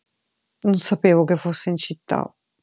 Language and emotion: Italian, sad